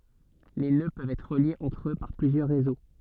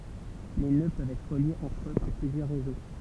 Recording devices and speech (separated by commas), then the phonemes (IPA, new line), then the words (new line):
soft in-ear microphone, temple vibration pickup, read sentence
le nø pøvt ɛtʁ ʁəljez ɑ̃tʁ ø paʁ plyzjœʁ ʁezo
Les nœuds peuvent être reliés entre eux par plusieurs réseaux.